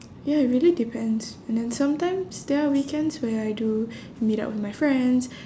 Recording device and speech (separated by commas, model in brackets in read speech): standing microphone, conversation in separate rooms